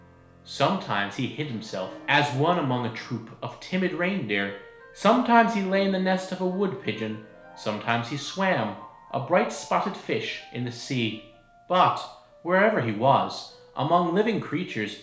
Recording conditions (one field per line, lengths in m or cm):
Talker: one person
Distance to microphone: 1.0 m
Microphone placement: close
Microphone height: 1.1 m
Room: small (3.7 m by 2.7 m)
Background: music